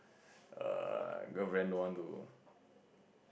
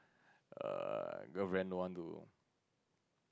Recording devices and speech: boundary microphone, close-talking microphone, conversation in the same room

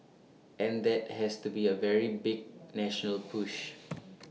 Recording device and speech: mobile phone (iPhone 6), read sentence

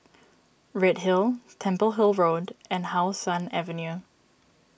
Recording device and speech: boundary microphone (BM630), read sentence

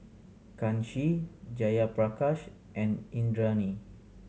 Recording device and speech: mobile phone (Samsung C7100), read sentence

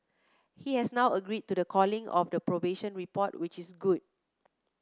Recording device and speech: close-talking microphone (WH30), read sentence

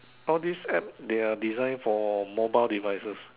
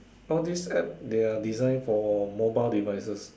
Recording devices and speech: telephone, standing microphone, conversation in separate rooms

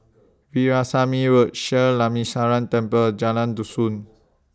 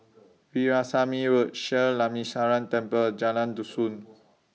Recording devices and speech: standing microphone (AKG C214), mobile phone (iPhone 6), read sentence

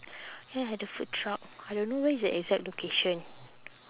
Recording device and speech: telephone, conversation in separate rooms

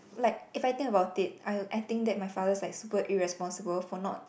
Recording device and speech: boundary microphone, conversation in the same room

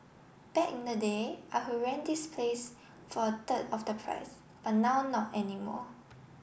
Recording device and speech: boundary microphone (BM630), read sentence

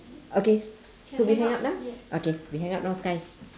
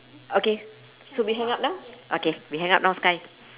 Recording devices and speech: standing microphone, telephone, conversation in separate rooms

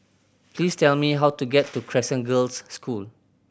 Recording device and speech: boundary microphone (BM630), read sentence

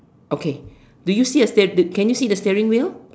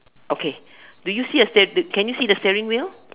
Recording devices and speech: standing microphone, telephone, conversation in separate rooms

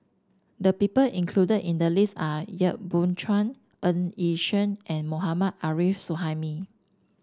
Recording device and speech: standing microphone (AKG C214), read sentence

